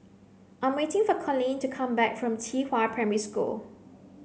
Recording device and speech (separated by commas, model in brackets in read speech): mobile phone (Samsung C9), read sentence